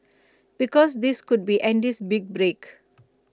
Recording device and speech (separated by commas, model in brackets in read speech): close-talking microphone (WH20), read sentence